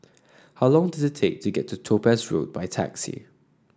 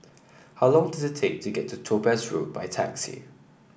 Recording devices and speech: standing microphone (AKG C214), boundary microphone (BM630), read sentence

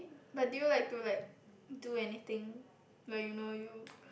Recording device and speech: boundary microphone, conversation in the same room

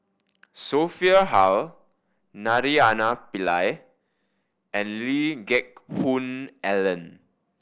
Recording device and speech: boundary microphone (BM630), read sentence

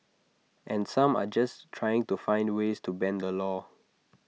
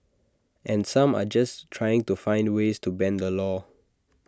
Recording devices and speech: mobile phone (iPhone 6), standing microphone (AKG C214), read sentence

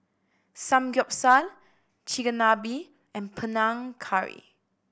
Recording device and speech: boundary microphone (BM630), read sentence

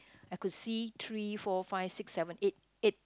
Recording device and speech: close-talking microphone, conversation in the same room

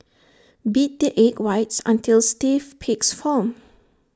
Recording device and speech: standing microphone (AKG C214), read sentence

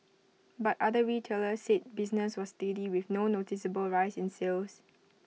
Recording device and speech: mobile phone (iPhone 6), read sentence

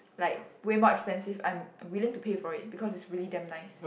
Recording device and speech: boundary microphone, conversation in the same room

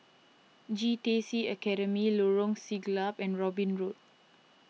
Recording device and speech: mobile phone (iPhone 6), read sentence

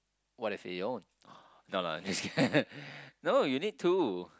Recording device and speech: close-talking microphone, conversation in the same room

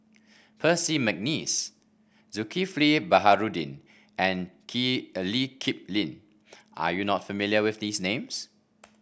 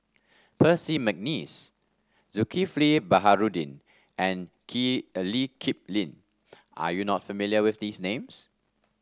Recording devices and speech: boundary microphone (BM630), standing microphone (AKG C214), read sentence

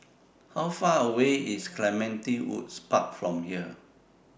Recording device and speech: boundary microphone (BM630), read sentence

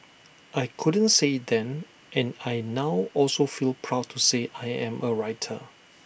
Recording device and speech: boundary microphone (BM630), read sentence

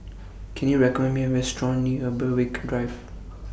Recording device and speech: boundary microphone (BM630), read sentence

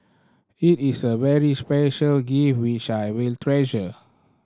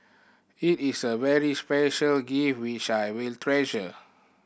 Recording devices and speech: standing microphone (AKG C214), boundary microphone (BM630), read sentence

